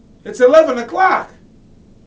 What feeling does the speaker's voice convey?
happy